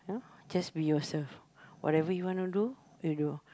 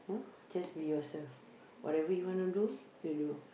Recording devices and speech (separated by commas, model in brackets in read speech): close-talking microphone, boundary microphone, conversation in the same room